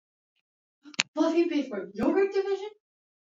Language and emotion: English, surprised